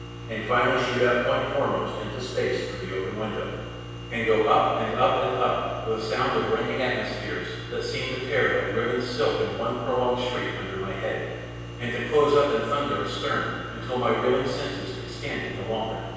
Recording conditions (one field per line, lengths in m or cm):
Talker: one person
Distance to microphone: 7.1 m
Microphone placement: far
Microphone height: 1.7 m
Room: very reverberant, large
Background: none